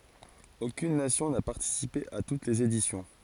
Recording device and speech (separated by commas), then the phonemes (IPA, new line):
forehead accelerometer, read sentence
okyn nasjɔ̃ na paʁtisipe a tut lez edisjɔ̃